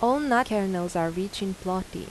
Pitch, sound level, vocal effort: 195 Hz, 84 dB SPL, normal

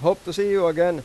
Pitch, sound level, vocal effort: 175 Hz, 97 dB SPL, loud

